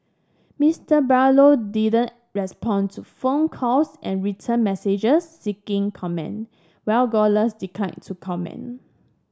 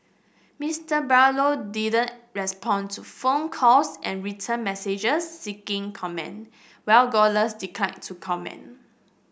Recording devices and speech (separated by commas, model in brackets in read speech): standing microphone (AKG C214), boundary microphone (BM630), read sentence